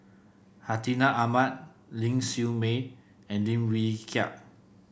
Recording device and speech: boundary microphone (BM630), read sentence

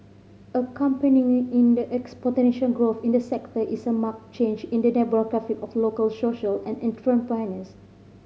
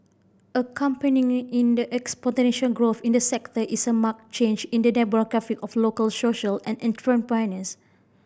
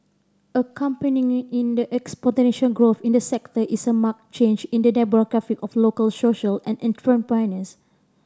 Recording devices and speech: mobile phone (Samsung C5010), boundary microphone (BM630), standing microphone (AKG C214), read sentence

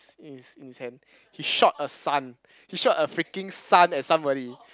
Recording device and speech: close-talking microphone, conversation in the same room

